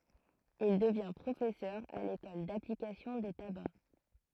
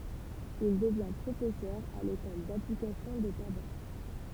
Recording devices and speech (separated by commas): throat microphone, temple vibration pickup, read sentence